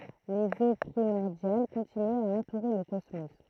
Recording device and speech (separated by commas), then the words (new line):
throat microphone, read sentence
Les eaux primordiales continuaient à entourer le cosmos.